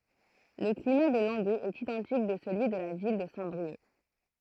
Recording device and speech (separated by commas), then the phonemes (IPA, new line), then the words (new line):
throat microphone, read sentence
lə klima də lɑ̃ɡøz ɛt idɑ̃tik də səlyi də la vil də sɛ̃tbʁiœk
Le climat de Langueux est identique de celui de la ville de Saint-Brieuc.